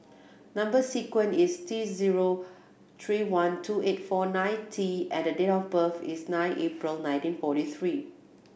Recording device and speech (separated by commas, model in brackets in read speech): boundary microphone (BM630), read sentence